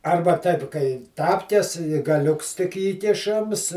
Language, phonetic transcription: Lithuanian, ˈarba ˈtaip kai ˈtapkes gaˈliuks tik ˈįkišams

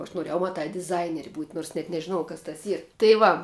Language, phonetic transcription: Lithuanian, o aš noˈrėjau maˈtā diˈzaineri būt' nors net nežiˈnojau kas tas ˈyr tai ˈva

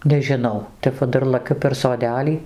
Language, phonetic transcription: Lithuanian, nežiˈnau ˈtep va ˈdar laˈkiu per soˈdelį

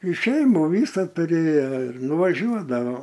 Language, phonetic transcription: Lithuanian, i ˈšeimų ˈvysa tuˈrėja ir nuvaˈžiuodavo

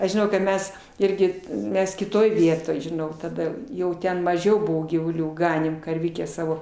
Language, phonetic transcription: Lithuanian, aš žiˈnau kad ˈmes ˈirgi ˈmes kiˈtoj ˈvietoj žiˈnau taˈda ˈjau ˈten maˈžiau ˈbuvo gyvuˈlių ˈganėm karˈvikę ˈsavo

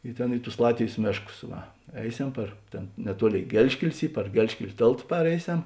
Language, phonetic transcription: Lithuanian, i ˈtėn i tus ˈlatvėjs ˈmėšˌkus ˈva ˈeiˌsem par ˈtėn neˈtuoˌlėi ˈgelžkelis ˈy par ˈgelžkel' ˈtėlt ˈpareiˌsem

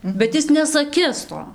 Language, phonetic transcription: Lithuanian, bet ˈis nesaˈkis ˈto

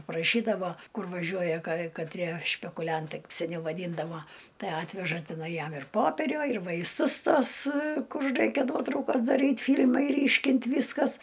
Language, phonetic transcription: Lithuanian, praˈšydavo ˈkur vaˈžiuoja kai kaˈtrie špekuˈliantai seˈniau vaˈdyndavo ˈtai ˈatveža tiˈnai ˈjam ir poˈperio ir vaisˈtus ˈtos ˈkur ˈraikia ˈnuotraukas daˈryt ˈfyl'mai ˈryškint ˈvyskas

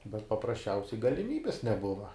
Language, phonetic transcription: Lithuanian, bet paprasˈčiausiai galiˈmybis neˈbuva

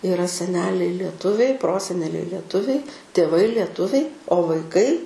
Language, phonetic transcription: Lithuanian, iˈra seˈneliai lieˈtuviai ˈproseneliai lieˈtuviai tėˈvai lieˈtuviai o vaiˈkai

